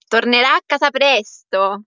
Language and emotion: Italian, happy